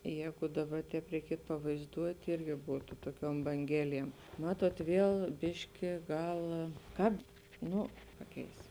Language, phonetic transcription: Lithuanian, ˈjēgu ˈdaˌba ˈtēp reiˈkietu pavaizˈduot' ˈirgi ˈbūtu ˈtuoˌkiuom banˈgeliem ˈmatuot ˈviel ˈbiški ˈgal ˈkap ˈnu ˈpaˌkeis

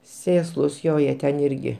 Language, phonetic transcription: Lithuanian, ˈsėslus ˈjo ˈjie ten ˈirgi

